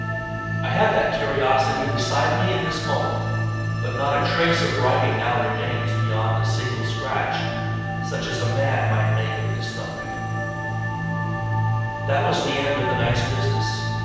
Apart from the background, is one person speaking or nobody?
One person.